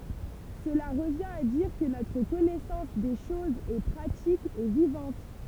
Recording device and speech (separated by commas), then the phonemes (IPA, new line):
temple vibration pickup, read sentence
səla ʁəvjɛ̃t a diʁ kə notʁ kɔnɛsɑ̃s de ʃozz ɛ pʁatik e vivɑ̃t